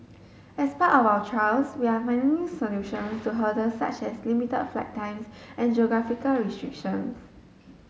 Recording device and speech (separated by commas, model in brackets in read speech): mobile phone (Samsung S8), read sentence